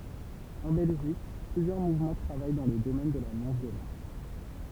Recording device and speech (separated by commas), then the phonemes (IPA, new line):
temple vibration pickup, read sentence
ɑ̃ bɛlʒik plyzjœʁ muvmɑ̃ tʁavaj dɑ̃ lə domɛn də la nɔ̃vjolɑ̃s